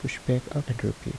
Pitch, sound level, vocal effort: 125 Hz, 71 dB SPL, soft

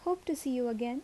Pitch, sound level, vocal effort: 270 Hz, 77 dB SPL, normal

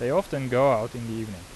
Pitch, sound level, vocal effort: 120 Hz, 87 dB SPL, normal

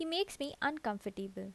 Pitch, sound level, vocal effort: 250 Hz, 79 dB SPL, normal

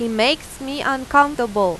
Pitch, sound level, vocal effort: 265 Hz, 92 dB SPL, loud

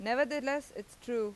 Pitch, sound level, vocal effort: 240 Hz, 91 dB SPL, loud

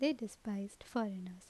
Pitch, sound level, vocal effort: 215 Hz, 78 dB SPL, normal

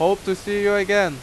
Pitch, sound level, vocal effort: 200 Hz, 91 dB SPL, very loud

